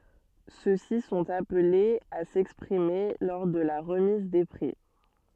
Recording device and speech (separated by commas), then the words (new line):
soft in-ear microphone, read sentence
Ceux-ci sont appelés à s'exprimer lors de la remise des prix.